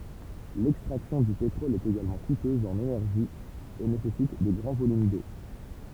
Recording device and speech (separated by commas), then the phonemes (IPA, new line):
temple vibration pickup, read sentence
lɛkstʁaksjɔ̃ dy petʁɔl ɛt eɡalmɑ̃ kutøz ɑ̃n enɛʁʒi e nesɛsit də ɡʁɑ̃ volym do